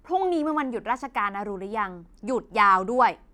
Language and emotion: Thai, frustrated